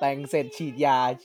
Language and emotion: Thai, happy